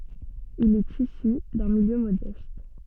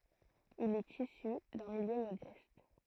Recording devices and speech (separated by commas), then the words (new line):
soft in-ear microphone, throat microphone, read sentence
Il est issu d'un milieu modeste.